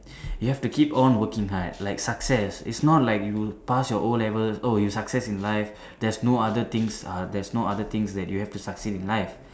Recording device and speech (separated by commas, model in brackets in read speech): standing microphone, conversation in separate rooms